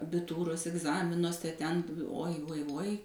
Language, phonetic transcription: Lithuanian, abiˈtūros igˈzaminuose ˈten uoj uoj uoj

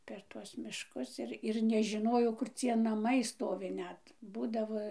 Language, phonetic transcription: Lithuanian, per ˈtuos mišˈkus ir ir nežiˈnojau kur ˈcie naˈmai ˈstovi ˈnet ˈbūdavo

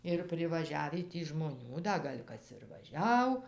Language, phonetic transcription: Lithuanian, ir privaˈžiavį ˈtį žmoˈnių ˈda ˈgal' ˈkas ir vaˈžiau

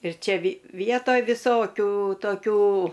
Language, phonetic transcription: Lithuanian, ir ˈčia vi ˈvietoj viˈsokių toˈkių

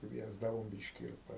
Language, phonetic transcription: Lithuanian, ˈkviesdavom ˈbiški ir

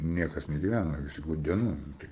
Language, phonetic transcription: Lithuanian, ˈniekas negiˈvæna viˈsi gudieˈnoj nu ˈtai

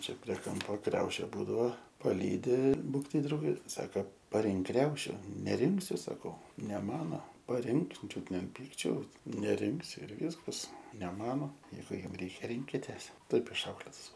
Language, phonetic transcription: Lithuanian, ˈčia prie ˈkampo ˈkriaušė ˈbūdavo paˈlydi ˈbūk tai ˈdraugė ˈsaks paˈrink ˈkriaušiu neˈrinksiu saˈkau ne ˈmano paˈrink ˈčiut ne an ˈpykčiaus neˈrinksiu ir ˈvyskas ne ˈmano ˈjeigu ˈjum ˈreikia ˈrinkitės ˈtaip išˈauklėtas

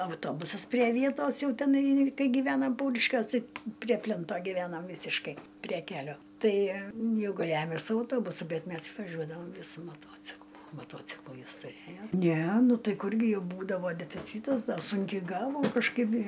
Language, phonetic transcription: Lithuanian, auˈtobusas prie ˈvietos ˈjau teˈnai ˈkai gyˈvenam ˈpauriškiuos ˈtai prie ˈplento gyˈvenam ˈvysiškai prie ˈkelio ˈtai ˈjau gaˈlejom ir su auˈtobusu ˈbet ˈmes vaˈžiuodavam su maˈtuociklu maˈtuociklu ˈjis tuˈrėjo ˈne ˈnu ˈtai ˈkurgi ˈjau ˈbūdavo defiˈcytas da ˈsunkiai ˈgavom kažˈkaip i

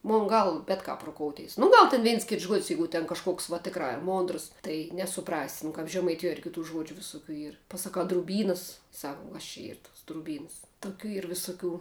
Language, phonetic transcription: Lithuanian, ˈmun ˈgal ˈbet kap ruˈkoutės nu ˈgal ten ˈveins ˈkits žuod's' ˈjeigu ten kažˈkuoks va ˈtikrā i ˈmondrs ˈtai nesuˈprasi nu kap žemaiˈtijuo ir kiˈtų ˈžuodžiu visuˈkių ˈyr pasaˈkau druˈbynas ˈsak uo kas čia ˈyr tuos druˈbynas tuˈkių ˈyr visuˈkių

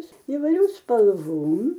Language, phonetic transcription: Lithuanian, įvaiˈrių spalˈvom

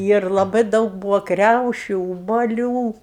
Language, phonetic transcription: Lithuanian, ˈyr laˈbai ˈdaug ˈbūva ˈkriaušiu ubaˈlių

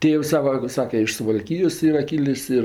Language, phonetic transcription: Lithuanian, ˈtėvs ˈsava ˈsake iš suvalˈkyjos ˈyra ˈkylis ˈir

